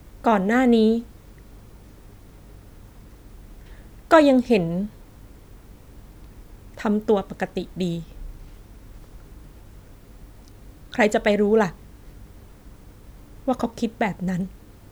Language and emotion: Thai, sad